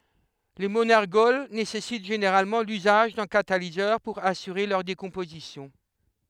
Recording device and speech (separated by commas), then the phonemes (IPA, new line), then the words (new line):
headset microphone, read sentence
le monɛʁɡɔl nesɛsit ʒeneʁalmɑ̃ lyzaʒ dœ̃ katalizœʁ puʁ asyʁe lœʁ dekɔ̃pozisjɔ̃
Les monergols nécessitent généralement l'usage d'un catalyseur pour assurer leur décomposition.